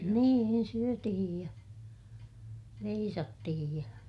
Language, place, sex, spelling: Finnish, Ilmajoki, female, niin syötiin ja veisattiin ja
- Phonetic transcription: nii₍in syötihij ja , veisattihij ja ,.

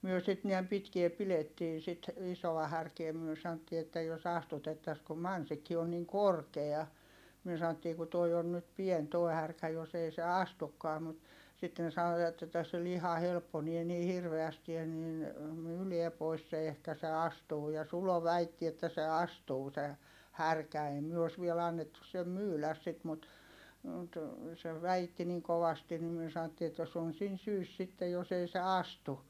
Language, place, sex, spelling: Finnish, Heinola, female, me sitten näin pitkään pidettiin sitä isoa härkää me sanottiin että jos astutettaisiin kun Mansikki on niin korkea me sanottiin kun tuo on nyt pieni tuo härkä jos ei se astukaan mutta sitten sanoivat että se liha helpponee niin hirveästi ja niin myytiin pois se ehkä se astuu ja Sulo väitti että se astuu se härkä ei me ole vielä annettu sen myydä sitä mutta mutta se väitti niin kovasti niin me sanottiin että se on sinun syysi sitten jos ei se astu
- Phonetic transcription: myö sit niäm pitkie pilettii sit , isoʷa härkie myö saⁿottii että » jos astutettas kum Mansikki on niŋ korke₍a » , myö saⁿottii » ku toi on nyt pien too härkä jos ‿ei se astukkaa » mut , sitten sano₍at ‿että se liha helpponie ni hirveästi ja nin , myyliɛ pois se ehkä se astuu ja Sulo väitti että se astuu se , härkä ei myö os viel ‿annettus sem myyläs sit mut , mut , se väitti niŋ kovastin nim myö saⁿottii että s ‿on sin syys sitte jos ‿ei se astu .

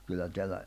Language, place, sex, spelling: Finnish, Jämsä, male, kyllä täällä
- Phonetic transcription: kyllä 'teäl̆lä ,.

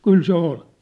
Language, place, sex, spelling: Finnish, Sippola, male, kyllä se oli
- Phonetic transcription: » "kyl 'se 'ol ! «

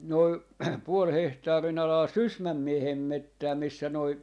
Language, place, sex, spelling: Finnish, Jaala, male, noin puolen hehtaarin alaa Sysmän miehen metsää missä noin
- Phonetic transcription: noi , 'puol 'hehtaari'n ‿alaa "Sysmäm 'miehem 'mettää missä noi , .

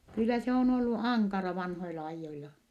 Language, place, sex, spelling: Finnish, Vittanki, female, kyllä se on ollut ankara vanhoilla ajoilla
- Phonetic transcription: kyllä se on ollu aŋkara vanhoila aijjoila .

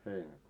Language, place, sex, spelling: Finnish, Moloskovitsa, male, heinäkuu
- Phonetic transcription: 'heinäkuu .

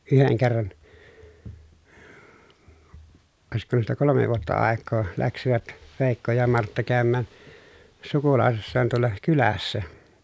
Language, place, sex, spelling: Finnish, Pielisjärvi, male, yhden kerran olisiko tuosta kolme vuotta aikaa lähtivät Veikko ja Martta käymään sukulaisissaan tuolla kylässä
- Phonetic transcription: yheŋ kerran , òesikkoon tuosta kolome vuotta àek̆koo , läksivät , Vèikko ja Martta kä̀ömmä̀n , sukulàesissaan tuol̀a , kylässä .

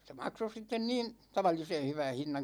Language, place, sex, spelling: Finnish, Ikaalinen, male, se maksoi sitten niin tavallisen hyvän hinnan
- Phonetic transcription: se 'makso sitten 'niin , 'tavallise 'hyvän̬ 'hinnan̬ .

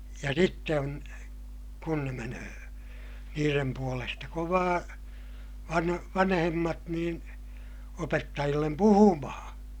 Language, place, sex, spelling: Finnish, Ilmajoki, male, ja sitten on kun ne menee niiden puolesta kovaa - vanhemmat niin opettajille puhumaan
- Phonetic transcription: ja sitte on , kun ne menöö , niirem puolesta kovaa , van - vanhemmat niin , opettajillem puhumahaa̰ .

